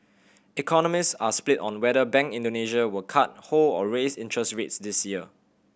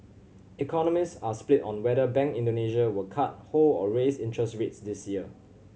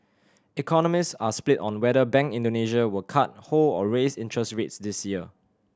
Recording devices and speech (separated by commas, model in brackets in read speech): boundary microphone (BM630), mobile phone (Samsung C7100), standing microphone (AKG C214), read sentence